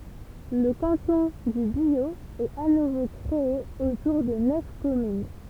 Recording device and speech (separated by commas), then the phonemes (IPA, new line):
temple vibration pickup, read sentence
lə kɑ̃tɔ̃ dy bjo ɛt a nuvo kʁee otuʁ də nœf kɔmyn